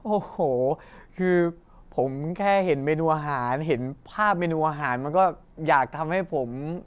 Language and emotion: Thai, happy